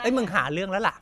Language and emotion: Thai, angry